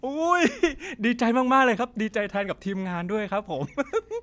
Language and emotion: Thai, happy